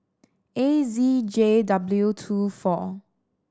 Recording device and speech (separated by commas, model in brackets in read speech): standing microphone (AKG C214), read sentence